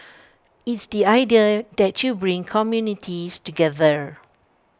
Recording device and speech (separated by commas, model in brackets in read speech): standing microphone (AKG C214), read sentence